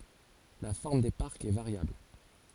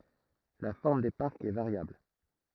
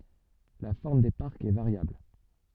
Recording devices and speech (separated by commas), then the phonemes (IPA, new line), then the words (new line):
forehead accelerometer, throat microphone, soft in-ear microphone, read sentence
la fɔʁm de paʁkz ɛ vaʁjabl
La forme des parcs est variable.